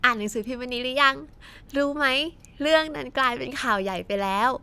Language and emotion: Thai, happy